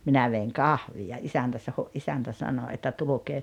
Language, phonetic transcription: Finnish, 'minä veiŋ "kahviʲa 'isäntä saho '’isäntä 'sano että » 'tulukee ,.
- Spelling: minä vein kahvia isäntä saho isäntä sanoi että tulkaa

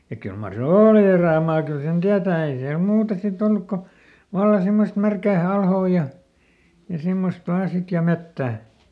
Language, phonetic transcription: Finnish, ja ˈkyl mar se "ooli ˈerä̀maa kyl sen ˈtiätää ei siäl ˈmuuta siˈt ‿olluk ko , "valla ˈsimmost ˈmärkää ˈalhoo ja , ja ˈsimmost ˈvaa sit ja ˈmettä̀ .
- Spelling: ja kyllä mar se oli erämaa kyllä sen tietää ei siellä muuta sitten ollut kun vallan semmoista märkää alhoa ja ja semmoista vain sitten ja metsä

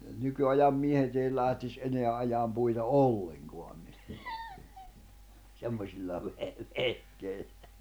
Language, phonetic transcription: Finnish, 'nyky₍ajam 'miehet ‿ei lähtis '’eneä ’ajaam puita "olleŋkoan , 'semmośilla ve- , 'vehkeillᴀ̈ .
- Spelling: nykyajan miehet ei lähtisi enää ajamaan puita ollenkaan semmoisilla - vehkeillä

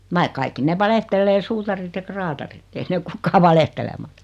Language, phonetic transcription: Finnish, vaik 'kaikki 'nev "valehtellee 'suutarit ja 'kraatarit , 'ei ne ok "kukkaa 'valehtelematᴀ .
- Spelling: vaikka kaikki ne valehtelee suutarit ja kraatarit ei ne ole kukaan valehtelematta

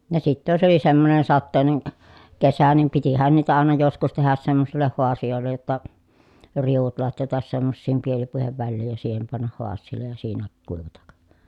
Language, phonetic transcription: Finnish, ja sittä jos ‿oli semmonen sattèi̮nen , kesä nim pitihän niitä àena joskus tehäs semmosilleh huasijòellej jotta , riuvut latjatas semmossiim pielipuihev välliij ja siihem pannah huas̀iillej ja siinä , kuivatak .
- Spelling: ja sitten jos oli semmoinen sateinen kesä niin pitihän niitä aina joskus tehdä semmoisille haasioille jotta riu'ut latjata semmoisiin pielipuiden väliin ja siihen panna haasialle ja siinä kuivata

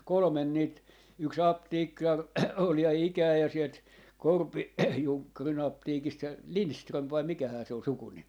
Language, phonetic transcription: Finnish, 'kolᵒmen niit , yk"s ‿apteekkar ol ja 'ikää ja 'sielt , 'Korpi- , 'Juŋkkari'n ‿apteekist se , "Linström vai 'mikähää se ‿ol "sukunim .
- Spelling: kolme niitä yksi apteekkari oli ja ikään ja sieltä - Korpi-Junkkarin apteekista se Lindström vai mikähän se oli sukunimi

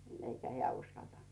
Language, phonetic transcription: Finnish, 'eikä 'heä̀ "uskaltant .
- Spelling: eikä hän uskaltanut

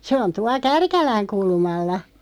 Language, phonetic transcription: Finnish, 'se on 'tua "Kärkäläŋ 'kulmalla .
- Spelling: se on tuolla Kärkälän kulmalla

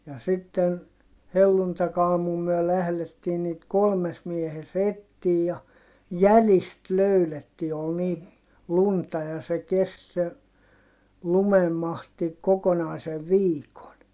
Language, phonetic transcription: Finnish, ja sitten , helluntakaamum myö lählettiin niit kolmes miehes ‿ettiij ja , jälist löyletti ol ni , lunta ja se kest se , lumemmahti , kokonàisev viikon .
- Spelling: ja sitten helluntaiaamuna me lähdettiin niitä kolmessa miehessä etsimään ja jäljistä löydettiin oli niin lunta ja se kesti se lumenmahti kokonaisen viikon

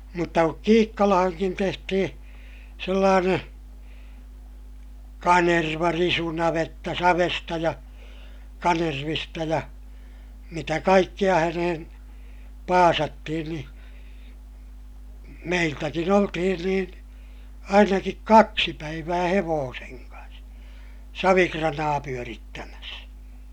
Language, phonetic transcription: Finnish, mutta kuk Kiikkalahaŋkin tehtihiḭ , sellaaneè , kanerva - risunavetta savesta ja , kanervista ja , mitä kaikkiʲa hänehen , paasattihin ni , meiltäkin ‿oltihin niin , ainakik kaksi päivää hevooseŋ kans , savikranaa pyörittämäs .
- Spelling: mutta kun Kiikkalaankin tehtiin sellainen kanervarisunavetta savesta ja kanervista ja mitä kaikkia häneen paasattiin niin meiltäkin oltiin niin ainakin kaksi päivää hevosen kanssa savikranaa pyörittämässä

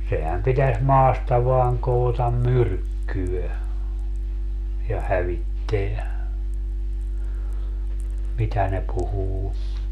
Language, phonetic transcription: Finnish, 'sehäm pitäs 'maasta vaaŋ 'kootam "myrkkyö , ja 'hävitteä , 'mitä ne 'puhuu .
- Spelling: sehän pitäisi maasta vain koota myrkkyä ja hävittää mitä ne puhuu

